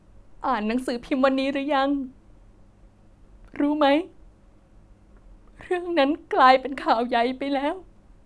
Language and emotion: Thai, sad